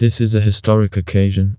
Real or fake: fake